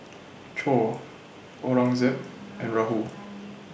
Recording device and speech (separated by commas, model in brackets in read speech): boundary microphone (BM630), read sentence